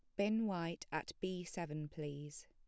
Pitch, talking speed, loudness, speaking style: 170 Hz, 160 wpm, -42 LUFS, plain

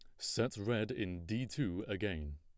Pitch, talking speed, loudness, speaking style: 105 Hz, 165 wpm, -38 LUFS, plain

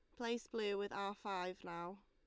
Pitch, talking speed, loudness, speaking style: 200 Hz, 195 wpm, -44 LUFS, Lombard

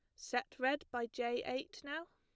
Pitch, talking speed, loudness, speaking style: 255 Hz, 185 wpm, -40 LUFS, plain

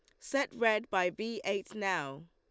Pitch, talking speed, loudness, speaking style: 210 Hz, 170 wpm, -33 LUFS, Lombard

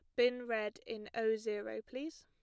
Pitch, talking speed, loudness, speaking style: 225 Hz, 180 wpm, -38 LUFS, plain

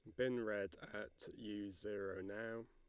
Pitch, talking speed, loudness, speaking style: 105 Hz, 145 wpm, -46 LUFS, Lombard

